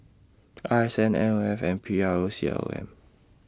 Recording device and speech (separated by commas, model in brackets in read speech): standing microphone (AKG C214), read sentence